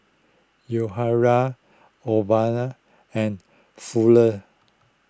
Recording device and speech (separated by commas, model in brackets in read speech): close-talking microphone (WH20), read sentence